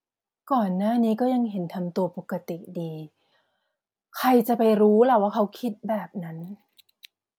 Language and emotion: Thai, neutral